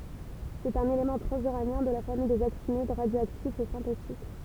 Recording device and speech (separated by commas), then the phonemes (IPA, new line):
temple vibration pickup, read sentence
sɛt œ̃n elemɑ̃ tʁɑ̃zyʁanjɛ̃ də la famij dez aktinid ʁadjoaktif e sɛ̃tetik